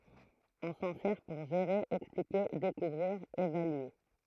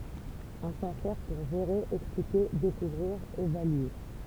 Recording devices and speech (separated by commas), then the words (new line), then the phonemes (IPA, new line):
throat microphone, temple vibration pickup, read sentence
On s'en sert pour gérer, expliquer, découvrir, évaluer.
ɔ̃ sɑ̃ sɛʁ puʁ ʒeʁe ɛksplike dekuvʁiʁ evalye